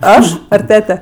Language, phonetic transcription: Lithuanian, ˈaš ar ˈtete

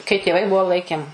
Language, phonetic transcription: Lithuanian, kai tėˈvai ˈbuo ˈlaikėm

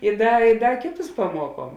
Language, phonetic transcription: Lithuanian, i ˈda i ˈda ˈkėˌtus paˈmuoˌkuom

